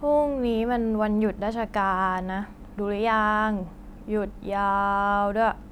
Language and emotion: Thai, frustrated